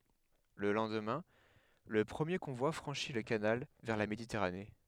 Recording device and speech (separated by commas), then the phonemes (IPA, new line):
headset microphone, read sentence
lə lɑ̃dmɛ̃ lə pʁəmje kɔ̃vwa fʁɑ̃ʃi lə kanal vɛʁ la meditɛʁane